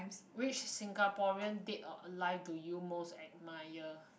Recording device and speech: boundary microphone, conversation in the same room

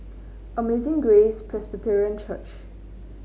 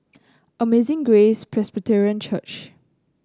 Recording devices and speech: mobile phone (Samsung C9), close-talking microphone (WH30), read sentence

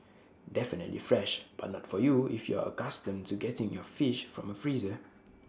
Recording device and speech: standing microphone (AKG C214), read sentence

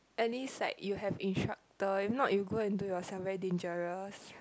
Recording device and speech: close-talking microphone, conversation in the same room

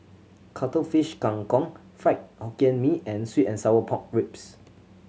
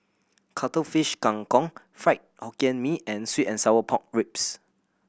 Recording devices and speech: mobile phone (Samsung C7100), boundary microphone (BM630), read sentence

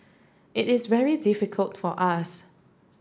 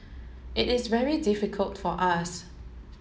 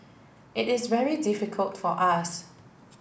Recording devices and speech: standing microphone (AKG C214), mobile phone (Samsung S8), boundary microphone (BM630), read sentence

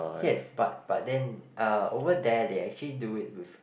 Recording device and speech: boundary microphone, conversation in the same room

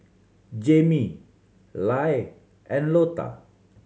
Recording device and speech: mobile phone (Samsung C7100), read sentence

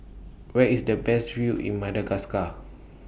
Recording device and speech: boundary microphone (BM630), read sentence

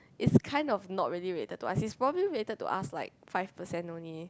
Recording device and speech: close-talking microphone, conversation in the same room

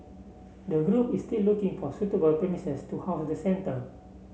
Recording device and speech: mobile phone (Samsung C7), read sentence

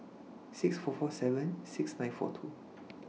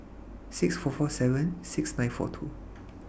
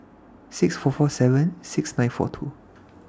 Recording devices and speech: mobile phone (iPhone 6), boundary microphone (BM630), standing microphone (AKG C214), read sentence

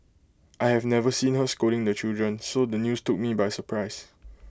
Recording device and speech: close-talking microphone (WH20), read sentence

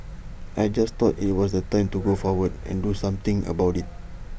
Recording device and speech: boundary microphone (BM630), read sentence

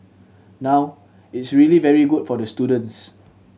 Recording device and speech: mobile phone (Samsung C7100), read sentence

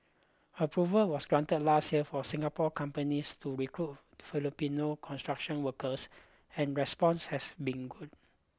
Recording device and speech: close-talking microphone (WH20), read sentence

